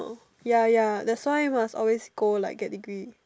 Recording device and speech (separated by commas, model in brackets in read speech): standing microphone, conversation in separate rooms